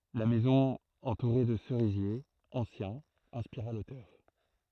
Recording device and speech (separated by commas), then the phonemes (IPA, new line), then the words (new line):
throat microphone, read sentence
la mɛzɔ̃ ɑ̃tuʁe də səʁizjez ɑ̃sjɛ̃z ɛ̃spiʁa lotœʁ
La maison entourée de cerisiers anciens inspira l'auteur.